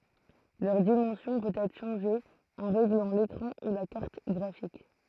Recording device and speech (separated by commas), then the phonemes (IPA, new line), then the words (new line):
throat microphone, read sentence
lœʁ dimɑ̃sjɔ̃ pøt ɛtʁ ʃɑ̃ʒe ɑ̃ ʁeɡlɑ̃ lekʁɑ̃ u la kaʁt ɡʁafik
Leur dimension peut être changée en réglant l'écran ou la carte graphique.